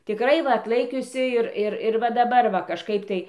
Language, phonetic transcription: Lithuanian, tiˈkrai ˈva atˈlaikiusi ir ˈir ir va daˈbar va kažˈkaip tai

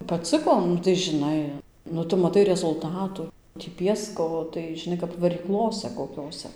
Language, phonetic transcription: Lithuanian, paˈcɨko ˈnu tai žiˈnai nu ˈtu maˈtai rezulˈtatu tį ˈpiesko tai žiˈnai kap varyˈklose koˈkiose

